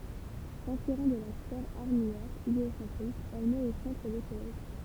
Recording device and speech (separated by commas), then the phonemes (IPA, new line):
temple vibration pickup, read sentence
sɛ̃spiʁɑ̃ də la sfɛʁ aʁmijɛʁ ʒeosɑ̃tʁik ɛl mɛt o sɑ̃tʁ lə solɛj